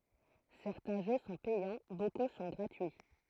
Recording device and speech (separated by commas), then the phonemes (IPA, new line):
throat microphone, read sentence
sɛʁtɛ̃ ʒø sɔ̃ pɛjɑ̃ boku sɔ̃ ɡʁatyi